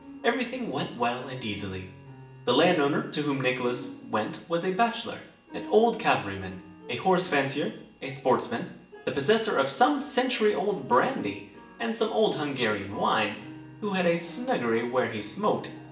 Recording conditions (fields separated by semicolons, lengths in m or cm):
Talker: one person; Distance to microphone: 1.8 m; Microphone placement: close; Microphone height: 1.0 m; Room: large; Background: music